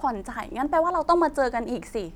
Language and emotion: Thai, frustrated